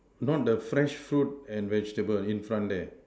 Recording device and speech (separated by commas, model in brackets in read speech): standing microphone, conversation in separate rooms